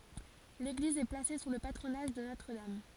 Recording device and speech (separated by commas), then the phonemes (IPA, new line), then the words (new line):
forehead accelerometer, read sentence
leɡliz ɛ plase su lə patʁonaʒ də notʁ dam
L'église est placée sous le patronage de Notre-Dame.